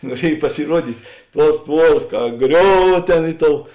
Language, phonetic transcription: Lithuanian, nuoˈriej pasiˈruodyt' ˈtuos ˈtvuoras ka ˈgriov ˈtėn ˈi ˌtou

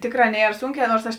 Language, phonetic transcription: Lithuanian, ˈtėkˌrā ˈnier ˈsunˌkē ˈnors ˈaš

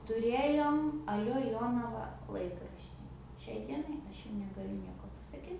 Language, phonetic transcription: Lithuanian, tuˈrėjom aˈlio ˈjonava ˈlaikraštį ˈšiai ˈdienai ˈaš jum negaˈliu ˈnieko pasaˈkyt

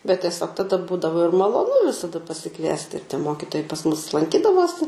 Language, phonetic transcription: Lithuanian, bet tieˈsiog taˈda ˈbūdavo ir maloˈnu visaˈda pasiˈkviesti ir tie ˈmokitojai pas mus lanˈkydavosi

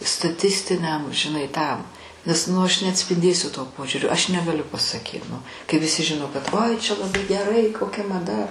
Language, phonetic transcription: Lithuanian, staˈtistiniam žiˈnai ˈtam nes ˈnu aš neatspinˈdėsiu to ˈpožiūrio ˈaš negaˈliu pasaˈkyt ˈnu kai viˈsi ˈžino kad ˈoi čia laˈbai geˈrai koˈkia maˈda

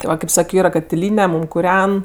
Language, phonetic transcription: Lithuanian, ti ˈva kėp ˈsakio ˈyra katiˈlyne ˈmūm kuˈren

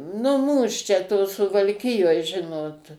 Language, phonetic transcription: Lithuanian, nu ˈmūs čia to suvalˈkijoj ˈžinot

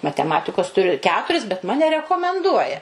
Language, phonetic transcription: Lithuanian, mateˈmatikos tuˈriu ˈketuris bet ˈmane rekomenˈduoja

